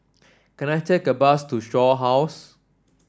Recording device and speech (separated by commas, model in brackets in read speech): standing microphone (AKG C214), read sentence